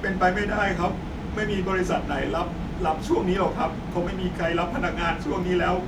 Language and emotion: Thai, sad